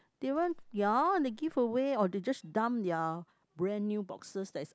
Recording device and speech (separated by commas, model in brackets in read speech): close-talking microphone, conversation in the same room